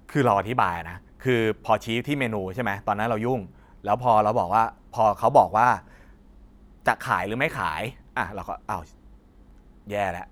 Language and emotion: Thai, frustrated